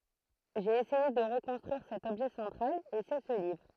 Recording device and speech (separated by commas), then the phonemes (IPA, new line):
throat microphone, read sentence
ʒe esɛje də ʁəkɔ̃stʁyiʁ sɛt ɔbʒɛ sɑ̃tʁal e sɛ sə livʁ